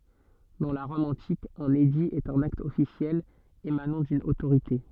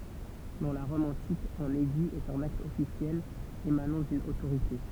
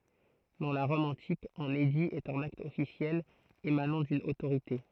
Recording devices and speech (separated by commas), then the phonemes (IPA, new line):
soft in-ear microphone, temple vibration pickup, throat microphone, read sentence
dɑ̃ la ʁɔm ɑ̃tik œ̃n edi ɛt œ̃n akt ɔfisjɛl emanɑ̃ dyn otoʁite